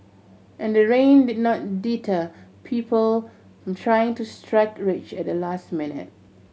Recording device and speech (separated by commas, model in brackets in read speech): mobile phone (Samsung C7100), read sentence